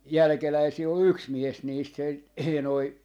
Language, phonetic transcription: Finnish, "jälᵃ̈keläisii ol "yks 'mies 'niist se , 'ee noi .
- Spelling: jälkeläisiä oli yksi mies niistä se ei noin

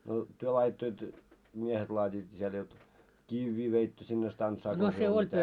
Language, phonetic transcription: Finnish, no , työ laajitto jot , 'miehet laat́iit mitä lie jot , "kivvii veittö sinne 'stantsaa tai siel mitä .
- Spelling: no te laaditte jotta miehet laativat mitä lie jotta kiviä veitte sinne stantsaan tai siellä mitä

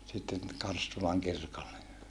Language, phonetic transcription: Finnish, sitten , Karstulaŋ kirkolle .
- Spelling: sitten Karstulan kirkolle

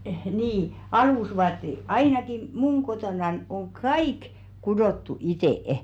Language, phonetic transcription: Finnish, 'nii , 'alùsvaatte "ainaki , "muŋ 'kotonan oŋ "kaik , 'kudòttu itè₍ᵉ .
- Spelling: niin alusvaatteet ainakin minun kotonani on kaikki kudottu itse

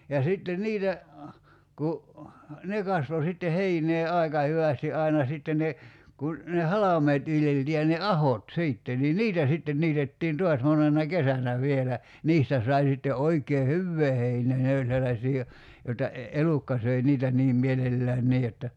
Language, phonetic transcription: Finnish, ja 'sitte "niitä , ku , "ne kasvo sitte "heinee 'aika hyvästi '’aina sitte ne , kun , ne "halam̀eet viljeltii ja ne "ahot 'siitte ni "niitä sitten 'niitettiin "to̭as 'monena "kesänä vielä , 'niistä sai sitte 'oikee "hyvvee heinee 'ne oĺ sellaśii jo- , 'joⁱta , e- 'elukka söi 'niitä 'niim 'mielellään "nii jotta ,.
- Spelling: ja sitten niitä kun ne kasvoi sitten heinää aika hyvästi aina sitten ne kun ne halmeet viljeltiin ja ne ahot sitten niin niitä sitten niitettiin taas monena kesänä vielä niistä sai sitten oikein hyvää heinää ne oli sellaisia - joita - elukka söi niitä niin mielellään niin jotta

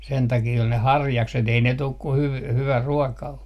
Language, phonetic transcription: Finnish, 'sen takii ol ne "harjakset ei 'ne 'tuk ku hyv- , 'hyvä 'ruɔka o .
- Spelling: sen takia oli ne harjakset ei ne tule kun - hyvä ruoka on

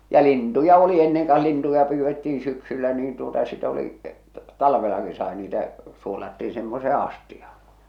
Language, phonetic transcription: Finnish, ja 'lintuja oli 'enneŋ kah̬ 'lintuja 'pyyvvettiiḭ syksyllä niin tuota sit ‿oli , 'talvelaki sai niitä , suolattii semmosee "astiᴀh̬ᴀ .
- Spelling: ja lintuja oli ennen ka lintuja pyydettiin syksyllä niin tuota sitten oli talvellakin sai niitä suolattiin semmoiseen astiaan

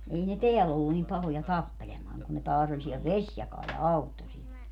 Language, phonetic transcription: Finnish, 'ei ne "teäll ‿ollu nim 'pahoja "tappelemaaŋ kun ne 'taas ‿oĺ siɛl "Veśjakaal ja "Auttosil .
- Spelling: ei ne täällä ollut niin pahoja tappelemaan kuin ne taas oli siellä Vesijakaalla ja Auttosilla

